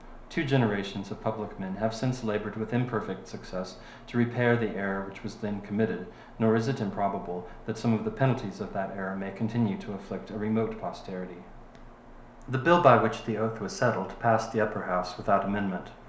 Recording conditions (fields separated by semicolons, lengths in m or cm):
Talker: one person; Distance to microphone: 1.0 m; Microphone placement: close; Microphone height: 1.1 m; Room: small (3.7 m by 2.7 m); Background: none